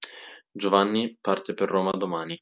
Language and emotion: Italian, neutral